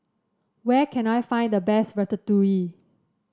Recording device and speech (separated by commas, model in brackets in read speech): standing microphone (AKG C214), read sentence